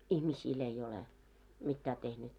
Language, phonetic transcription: Finnish, ihmisiil ‿ei ole , 'mittää tehnyt .
- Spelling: ihmisille ei ole mitään tehnyt

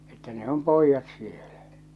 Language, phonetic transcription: Finnish, että ne 'om 'poijjat sielä .
- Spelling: että ne on pojat siellä

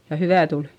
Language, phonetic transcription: Finnish, ja hyvä̀ tul .
- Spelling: ja hyvää tuli

